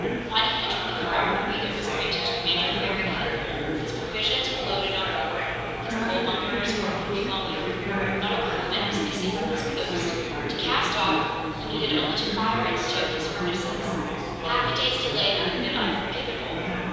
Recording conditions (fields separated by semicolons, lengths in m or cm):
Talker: one person; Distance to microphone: 7.1 m; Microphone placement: far; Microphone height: 1.7 m; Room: very reverberant, large; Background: babble